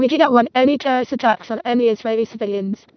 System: VC, vocoder